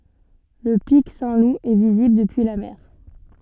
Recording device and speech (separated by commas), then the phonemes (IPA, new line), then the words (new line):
soft in-ear microphone, read sentence
lə pik sɛ̃tlup ɛ vizibl dəpyi la mɛʁ
Le pic Saint-Loup est visible depuis la mer.